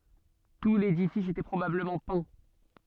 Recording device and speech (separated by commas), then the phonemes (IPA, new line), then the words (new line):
soft in-ear microphone, read sentence
tu ledifis etɛ pʁobabləmɑ̃ pɛ̃
Tout l'édifice était probablement peint.